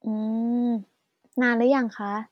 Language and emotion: Thai, neutral